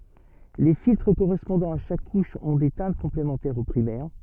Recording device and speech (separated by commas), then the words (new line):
soft in-ear microphone, read sentence
Les filtres correspondants à chaque couche ont des teintes complémentaires aux primaires.